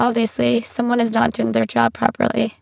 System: VC, spectral filtering